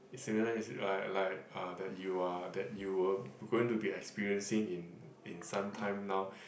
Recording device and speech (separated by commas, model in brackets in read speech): boundary microphone, conversation in the same room